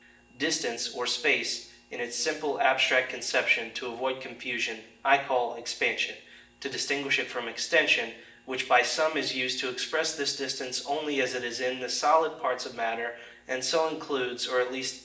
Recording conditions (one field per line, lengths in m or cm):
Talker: one person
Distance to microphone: 1.8 m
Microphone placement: close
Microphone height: 1.0 m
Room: large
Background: none